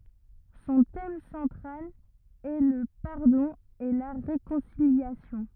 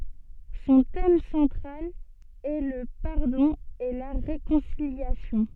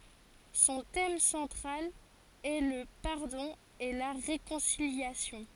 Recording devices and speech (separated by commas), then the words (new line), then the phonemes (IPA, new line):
rigid in-ear microphone, soft in-ear microphone, forehead accelerometer, read sentence
Son thème central est le pardon et la réconciliation.
sɔ̃ tɛm sɑ̃tʁal ɛ lə paʁdɔ̃ e la ʁekɔ̃siljasjɔ̃